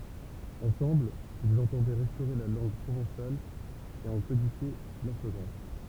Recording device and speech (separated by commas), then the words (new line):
temple vibration pickup, read sentence
Ensemble, ils entendaient restaurer la langue provençale et en codifier l'orthographe.